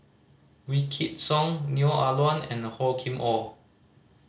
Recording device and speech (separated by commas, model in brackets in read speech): mobile phone (Samsung C5010), read sentence